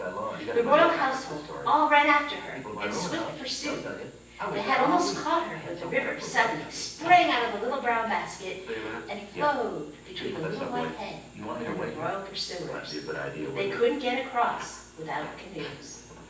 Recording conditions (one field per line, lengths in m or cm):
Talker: one person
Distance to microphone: 9.8 m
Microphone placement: far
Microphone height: 1.8 m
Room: large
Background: television